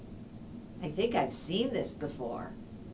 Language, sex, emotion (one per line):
English
female
neutral